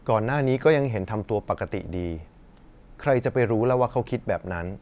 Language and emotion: Thai, neutral